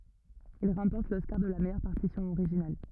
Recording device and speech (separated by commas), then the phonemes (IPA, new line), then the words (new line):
rigid in-ear microphone, read sentence
il ʁɑ̃pɔʁt lɔskaʁ də la mɛjœʁ paʁtisjɔ̃ oʁiʒinal
Il remporte l'Oscar de la meilleure partition originale.